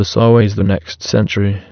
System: TTS, waveform concatenation